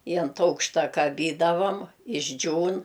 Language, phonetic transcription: Lithuanian, i ant ˈaukšta kaˈbydavam išˈdžiūn

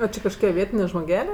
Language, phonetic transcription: Lithuanian, ˈo čia kažˈkokie ˈvietinė žmoˈgelė

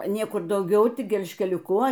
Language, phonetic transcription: Lithuanian, ˈniekur dauˈgiau ˈtik gelžkeliuˈku

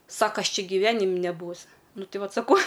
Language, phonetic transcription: Lithuanian, ˈsaka ˈaš ˈči giˈvenim' neˈbūus ˈnu ˈti ˈvat saˈkau

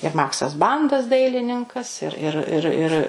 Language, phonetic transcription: Lithuanian, ir ˈmaksas ˈbandas ˈdailininkas ir ˈir ir ir

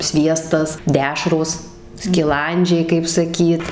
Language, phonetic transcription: Lithuanian, ˈsviestas ˈdešros skiˈlandžiai kaip saˈkyt

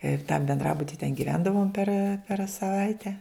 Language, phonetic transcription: Lithuanian, ir tam benˈdrabuti ten giˈvendavom per per saˈvaite

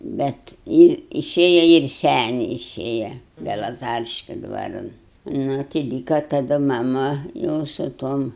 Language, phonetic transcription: Lithuanian, bet ˈji iˈšėja ir ˈseniai iˈšėja belaˈzariškiu ˈdvaran ˈnu tai ˈlyka taˈdu maˈmu ˈjau su ˈtuom

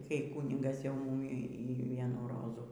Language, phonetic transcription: Lithuanian, kai ˈkūnigas jau ˈmūmi y ˈvienų ˈrozų

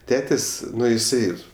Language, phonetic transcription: Lithuanian, ˈtetės' ˈnu iˈsai

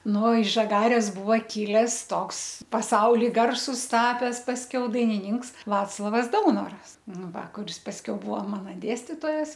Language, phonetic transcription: Lithuanian, ˈnu iš žaˈgarės ˈbuva ˈkiles ˈtoks paˈsauli ˈgarsus ˈtapes pasˈkiau dainiˈninks ˈvaclovas ˈdaunoras ˈnu ˈva kuˈris pasˈkiau ˈbuvo ˈmana ˈdėstitojas

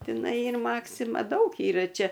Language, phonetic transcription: Lithuanian, tiˈnai ˈyr ˈmaksima ˈdaug ˈyra ˈčia

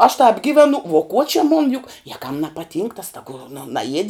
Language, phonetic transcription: Lithuanian, aš tāp ˈgivenu vuo kuo či mun juk je kam nepaˈtynk tas taˈgu nu naˈjiedi

